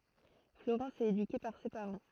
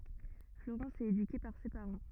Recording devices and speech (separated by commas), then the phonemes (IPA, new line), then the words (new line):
throat microphone, rigid in-ear microphone, read sentence
floʁɑ̃s ɛt edyke paʁ se paʁɑ̃
Florence est éduquée par ses parents.